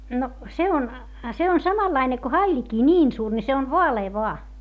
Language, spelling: Finnish, no se on se on samanlainen kuin hailikin niin suuri niin se on vaalea vain
- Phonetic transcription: no , se on , se on samallaine ko haiĺikii ńiin suur ni se on voalee voa .

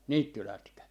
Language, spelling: Finnish, niittylätkä
- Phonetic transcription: "niittylätkä .

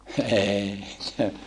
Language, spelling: Finnish, eikä
- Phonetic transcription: eeikä .

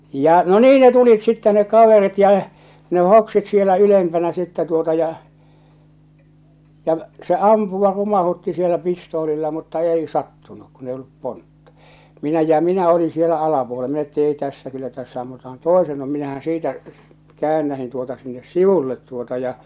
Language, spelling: Finnish, ja no niin ne tulivat sitten ne kaverit ja ne hoksivat siellä ylempänä sitten tuota ja ja se ampua rumautti siellä pistoolilla mutta ei sattunut kun ei ollut pontta minä ja minä olin siellä - minä että ei tässä kyllä tässä ammutaan toisemme minähän siitä käännähdin tuota sinne sivulle tuota ja
- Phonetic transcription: ja , no "nii ne tulit sittɛ neᵏ 'kaverit ja , ne 'hoksit sielä 'ylempänä sittɛ tuota ja , ja , se "ampuva 'rumahutti sielä 'pistoolilla mutta "ei 'sattunuk kun ‿ei ollup 'pontta , minä ja 'minä olin sielä alapuole- minä et't ‿èi tässä kyllä tässä ammutahan "toesennu minähän siitä , "käännähin tuota sinnes "sivullet tuota ja .

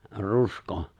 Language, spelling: Finnish, rusko
- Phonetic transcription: 'rusko ?

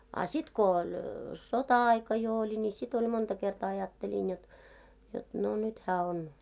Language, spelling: Finnish, a sitten kun oli sota-aika jo oli niin sitten oli monta kertaa ajattelin jotta jotta no nyt hän on
- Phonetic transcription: a 'sit ko oĺ , "sota₍'aika jo oĺi ni 'sit ‿oĺ monta kertaa 'ajattelin jot , jot no 'nyt hää on .

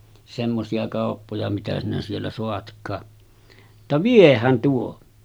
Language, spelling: Finnish, semmoisia kauppoja mitä sinä siellä saatkaan jotta viehän tuo
- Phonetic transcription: semmosi₍a kàoppoja mitä sinä siellä 'soatk̀aa « , [jot]ta » "vieh̆hän 'tuo « .

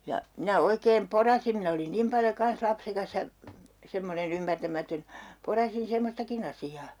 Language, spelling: Finnish, ja minä oikein porasin minä olin niin paljon kanssa lapsekas ja semmoinen ymmärtämätön porasin semmoistakin asiaa
- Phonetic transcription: ja , minä 'oikeem "porasim 'min ‿olin 'nim paljo 'kans 'lapsekas ja , 'semmone'n ‿ymmärtämätön , 'porasin̬ 'semmostakin ‿asi₍aa .

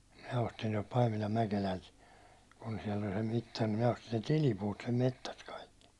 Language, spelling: Finnish, minä ostin tuolta Paimilan Mäkelältä kun siellä oli se mittari niin minä ostin sen tilipuut sen metsästä kaikki
- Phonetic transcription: minä ostin tuålt 'Paimilam 'Mäkelält , kun siɛl ‿oĺ se 'mittar ni minä ostin̬ sen̬ "tilipuut sem 'mettäst kaikki .

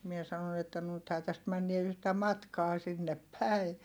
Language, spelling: Finnish, minä sanoin että nythän tästä mennään yhtä matkaa sinne päin
- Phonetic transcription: mie sanon ‿että » nythää täst männie yhtä matkaa sinnep päi » .

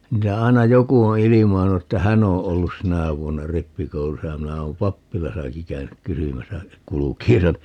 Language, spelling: Finnish, niitä aina joku on ilmainnut että hän on ollut sinä vuonna rippikoulussa ja minä olen pappilassakin käynyt kysymässä kulkiessani
- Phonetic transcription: 'niitä 'ai̮na "joku o "ilimainu että 'hän ‿o 'ollus 'sinä̀ vuonna "rippikoulusa ja 'minä oom "pappilasaki 'käynyk "kysymäsä , 'kulᵘkiisan(i) .

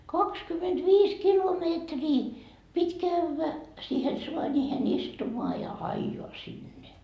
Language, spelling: Finnish, kaksikymmentäviisi kilometriä piti käydä siihen saaniin istumaan ja ajaa sinne
- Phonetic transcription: 'kakskymetviis "kilomeetrii , pit́ "kävvä , siihen 'suańiihen 'istumoa ja "aijoa sinne .

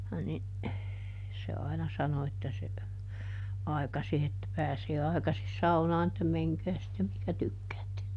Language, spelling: Finnish, niin se aina sanoi että se aikaisin että pääsee aikaisin saunaan että menkää sitten mihin tykkäätte
- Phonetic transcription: ni , se ˈaina ˈsano että se , ˈaikasi että ˈpääsee ˈaikasis "saunaan ‿että » ˈmeŋkää sittem ˈmihkä ˈtykkäätte » .

